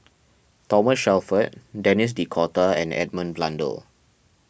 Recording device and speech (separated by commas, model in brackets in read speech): boundary microphone (BM630), read sentence